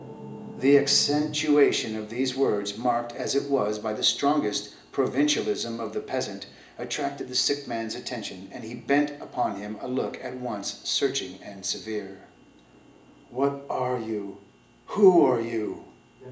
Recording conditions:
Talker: one person; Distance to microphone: 1.8 m; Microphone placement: close; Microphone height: 1.0 m; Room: large; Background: television

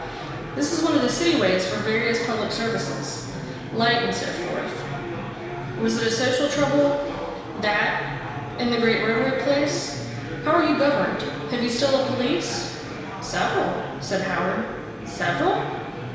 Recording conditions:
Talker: one person; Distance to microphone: 1.7 m; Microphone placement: close; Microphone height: 1.0 m; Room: very reverberant, large; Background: babble

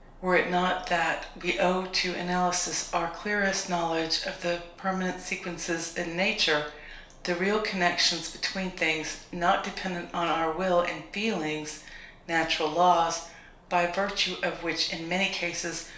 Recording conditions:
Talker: one person; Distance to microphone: 1.0 m; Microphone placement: close; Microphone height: 1.1 m; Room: small (3.7 m by 2.7 m); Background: none

